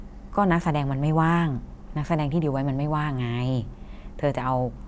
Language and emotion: Thai, frustrated